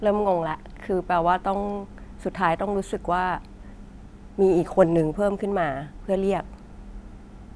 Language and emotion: Thai, frustrated